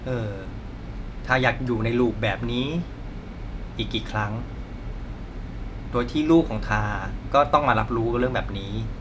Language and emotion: Thai, frustrated